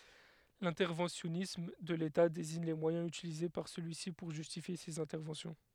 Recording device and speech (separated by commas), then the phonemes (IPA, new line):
headset microphone, read sentence
lɛ̃tɛʁvɑ̃sjɔnism də leta deziɲ le mwajɛ̃z ytilize paʁ səlyi si puʁ ʒystifje sez ɛ̃tɛʁvɑ̃sjɔ̃